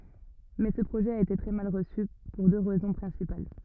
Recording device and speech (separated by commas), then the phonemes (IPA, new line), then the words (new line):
rigid in-ear microphone, read sentence
mɛ sə pʁoʒɛ a ete tʁɛ mal ʁəsy puʁ dø ʁɛzɔ̃ pʁɛ̃sipal
Mais ce projet a été très mal reçu, pour deux raisons principales.